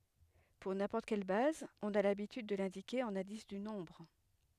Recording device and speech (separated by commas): headset microphone, read sentence